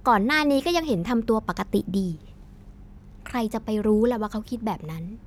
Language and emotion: Thai, frustrated